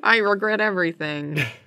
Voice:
silly voice